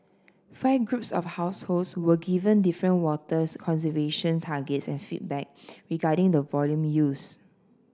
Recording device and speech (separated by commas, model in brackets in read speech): standing microphone (AKG C214), read sentence